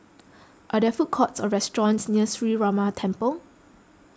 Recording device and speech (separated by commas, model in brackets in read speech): close-talking microphone (WH20), read sentence